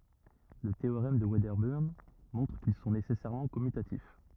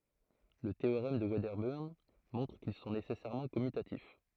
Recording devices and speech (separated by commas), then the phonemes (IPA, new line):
rigid in-ear microphone, throat microphone, read sentence
lə teoʁɛm də vɛdəbəʁn mɔ̃tʁ kil sɔ̃ nesɛsɛʁmɑ̃ kɔmytatif